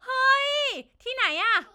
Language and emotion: Thai, happy